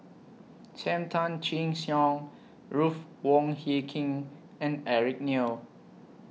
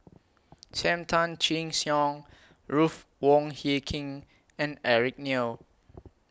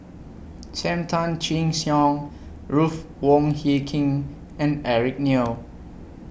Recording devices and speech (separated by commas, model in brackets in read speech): mobile phone (iPhone 6), close-talking microphone (WH20), boundary microphone (BM630), read sentence